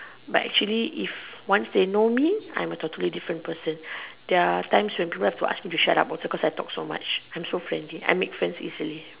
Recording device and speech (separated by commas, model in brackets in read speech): telephone, conversation in separate rooms